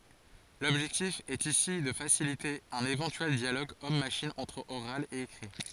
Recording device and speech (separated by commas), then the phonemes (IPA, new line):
forehead accelerometer, read sentence
lɔbʒɛktif ɛt isi də fasilite œ̃n evɑ̃tyɛl djaloɡ ɔm maʃin ɑ̃tʁ oʁal e ekʁi